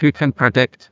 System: TTS, neural waveform model